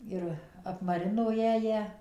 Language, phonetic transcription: Lithuanian, ˈir apmaˈrino ˈjąją

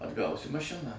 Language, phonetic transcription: Lithuanian, atˈgausi maˈšiną

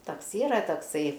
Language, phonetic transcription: Lithuanian, ˈtaks ˈyra takˈsai

